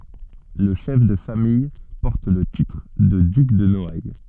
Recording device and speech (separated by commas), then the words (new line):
soft in-ear microphone, read sentence
Le chef de famille porte le titre de duc de Noailles.